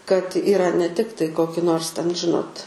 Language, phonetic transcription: Lithuanian, kad iˈra ne ˈtiktai ˈkoki ˈnors ten ˈžinot

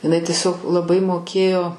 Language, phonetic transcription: Lithuanian, iˈnai tieˈsiog laˈbai moˈkėjo

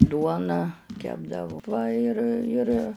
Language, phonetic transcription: Lithuanian, ˈduoną ˈkepdavu ˈva ir ir

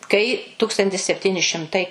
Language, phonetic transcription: Lithuanian, kai ˈtukstantis sepˈtini šimˈtai

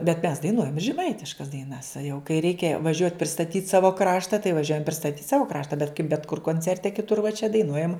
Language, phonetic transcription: Lithuanian, bet mes daiˈnuojam i žeˈmaitiškas daiˈnas a jau kai ˈreikia vaˈžiuot' pristaˈtyt' ˈsavo ˈkrašta tai vaˈžiuojam pristaˈtyt' ˈsavo ˈkrašta bet kaip bet kur konˈcerte kiˈtur va čia daiˈnuojam

